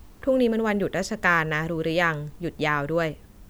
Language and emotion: Thai, neutral